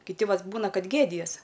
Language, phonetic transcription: Lithuanian, kiˈti ˈvat ˈbūna ˈkad ˈgėdijas

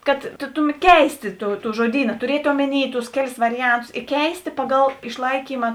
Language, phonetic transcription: Lithuanian, kad tu ˈtuˌmet ˈkeistė ˈtų ˈtų žuoˈdyna tuˈriet' ˈomeˌny tus ˈkeˌlis ˈvariˌjantusi i ˈkeistė pa'gal iš'laikyma

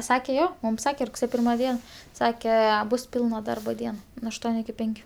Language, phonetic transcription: Lithuanian, ˈsake ˈjo mum ˈsake rugˈsėjo ˈpirma ˈdien ˈsake ˈbus ˈpilna ˈdarba ˈdien nu ašˈtuoniu iki ˈpenkiu

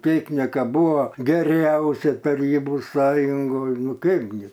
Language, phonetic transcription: Lithuanian, ˈtėknika ˈbūvo geˈriausia taˈrybų ˈsąjungoj ˈnu ˈkaipgi

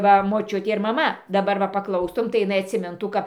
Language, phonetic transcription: Lithuanian, ˈva moˈčiutė ir maˈma daˈbar va paˈklaustum tai jiˈnai atsiˈmintų ˈkap

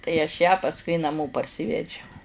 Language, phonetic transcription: Lithuanian, tai aš ją pasˈkui naˈmo parˈsivedžiau

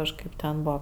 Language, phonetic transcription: Lithuanian, kažˈkaip ten ˈbuo

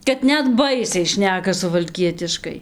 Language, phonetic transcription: Lithuanian, kad ˈnet ˈbaisiai ˈšneka suvalˈkietiškai

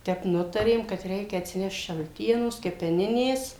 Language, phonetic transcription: Lithuanian, ˈtep ˈnutarėm kad ˈreikia atsiˈnešt šalˈtienos kepeˈninės

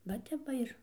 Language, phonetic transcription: Lithuanian, va ˈtep ˈva ir

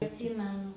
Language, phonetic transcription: Lithuanian, atˈsymenu

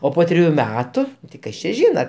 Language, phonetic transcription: Lithuanian, o ˈpo triˈjų ˈmetu tai ˈkas čia ˈžyna

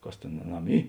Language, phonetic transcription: Lithuanian, ˈkas ˈtėn aˈnam ˈy

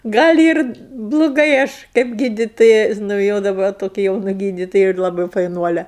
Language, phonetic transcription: Lithuanian, ˈgal' ir bluˈgai ˈaš kaip ˈgyditoja nu ˈjo daˈba toˈkia jauˈna ˈgyditoja ir laˈbai faiˈnuole

